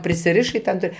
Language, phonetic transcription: Lithuanian, prisiˈrišai ˈten ˈtoj

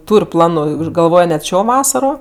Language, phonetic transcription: Lithuanian, ˈtūr' ˈplanu i už galˈvoj net ˈšio ˈvasaro

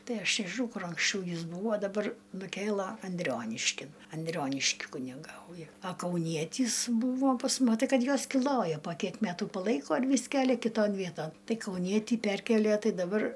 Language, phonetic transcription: Lithuanian, ˈtai ˈaš nežiˈnau ˈkur anksˈčiau ˈjis ˈbūvo daˈbar nuˈkėla anˈdrioniškin anˈdrioniški kuniˈgauja a kauˈnietys ˈbūvo pas mu maˈtai ˈkad ˈjuos kiˈloja po ˈkiek ˈmetų paˈlaiko ir ˈvys ˈkelia kiˈton ˈvieton ˈtai kauˈnietį ˈperkielie ˈtai daˈbar

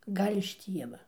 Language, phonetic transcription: Lithuanian, ˈgal' iš ˈtieva

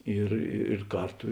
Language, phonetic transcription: Lithuanian, ir ir ˈkarˌtu

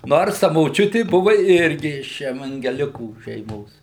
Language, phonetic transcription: Lithuanian, ˈnors ta moˈčiuti ˈbuvu ˈirgi iš evangeˈlikų šeiˈmos

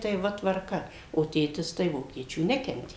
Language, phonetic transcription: Lithuanian, tai ˈva tvarˈka o ˈtėtis tai ˈvokiečių ˈnekentė

